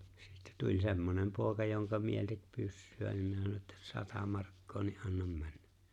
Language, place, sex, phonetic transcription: Finnish, Lapinlahti, male, sɪttä tuĺ 'semmonem 'pòeka joŋka 'mieĺ tek 'pyssy₍ä nim 'minä sano ᵉttä , » "sata 'markkoo ni "’annam 'männᴀ̈ .
- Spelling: sitten tuli semmoinen poika jonka mieli teki pyssyä niin minä sanoin että sata markkaa niin annan mennä

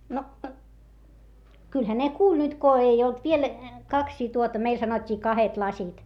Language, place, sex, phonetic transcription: Finnish, Hietamäki, female, no , kylhä ne kuuĺ nyt ko ei olt viel , kaksii tuota - meil sanot́t́ii kahet lasit .
- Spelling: no kyllähän ne kuuli nyt kun ei ollut vielä kaksia tuota meillä sanottiin kahdet lasit

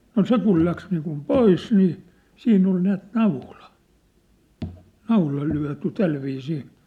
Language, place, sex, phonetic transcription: Finnish, Sippola, male, no "se kul läks niikum "pois nii , 'siinn ‿ol näät "naula , 'naula 'lyä̭ty "tälviisii .
- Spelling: no se kun lähti niin kuin pois niin siinä oli näet naula naula lyöty tällä viisiin

